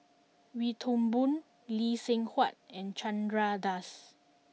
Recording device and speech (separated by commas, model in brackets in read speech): mobile phone (iPhone 6), read sentence